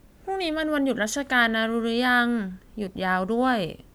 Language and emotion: Thai, neutral